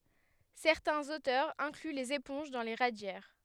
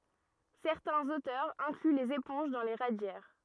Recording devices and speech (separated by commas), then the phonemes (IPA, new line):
headset microphone, rigid in-ear microphone, read sentence
sɛʁtɛ̃z otœʁz ɛ̃kly lez epɔ̃ʒ dɑ̃ le ʁadjɛʁ